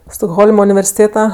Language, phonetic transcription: Lithuanian, stokˈholma universiˈtėta

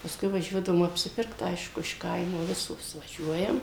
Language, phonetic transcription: Lithuanian, pasˈkui vaˈžiuodavom apsiˈpirkt ˈaišku iš ˈkaimo ˈvisos vaˈžiuojam

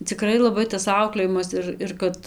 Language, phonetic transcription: Lithuanian, ciˈkrai laˈbai tas ˈauklėjimas ir ir ˈkad

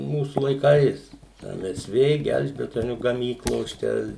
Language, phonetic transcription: Lithuanian, ˈmūsu laiˈkais ˈem ˈes ˈvė ˈgelžbetoniu gaˈmyklos ˈčia

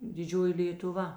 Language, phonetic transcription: Lithuanian, diˈdžioji lėtuˈva

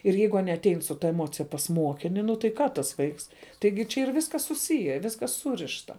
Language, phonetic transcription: Lithuanian, ir ˈjeigu ˈanie atˈein su ˈta eˈmocija pas ˈmuokini nu tai ˈką tas ˈvaiks ˈtaigi čia yr ˈviskas suˈsije ˈviskas ˈsūrišta

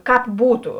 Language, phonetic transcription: Lithuanian, ˈkāp ˈbūtu

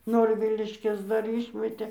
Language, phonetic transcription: Lithuanian, ˈnorviliškes ˈdar ˈyšmetė

